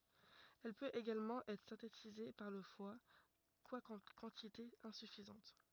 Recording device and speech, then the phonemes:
rigid in-ear microphone, read sentence
ɛl pøt eɡalmɑ̃ ɛtʁ sɛ̃tetize paʁ lə fwa kwakɑ̃ kɑ̃titez ɛ̃syfizɑ̃t

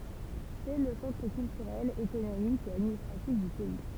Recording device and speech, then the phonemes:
temple vibration pickup, read sentence
sɛ lə sɑ̃tʁ kyltyʁɛl ekonomik e administʁatif dy pɛi

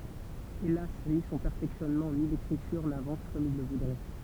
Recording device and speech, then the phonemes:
temple vibration pickup, read sentence
elas ni sɔ̃ pɛʁfɛksjɔnmɑ̃ ni lekʁityʁ navɑ̃s kɔm il lə vudʁɛ

